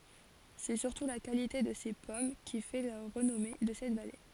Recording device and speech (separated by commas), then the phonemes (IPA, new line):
forehead accelerometer, read sentence
sɛ syʁtu la kalite də se pɔm ki fɛ la ʁənɔme də sɛt vale